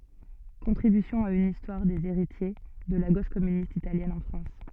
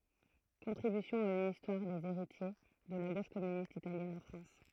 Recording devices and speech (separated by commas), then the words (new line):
soft in-ear microphone, throat microphone, read sentence
Contribution à une histoire des héritiers de la Gauche communiste italienne en France.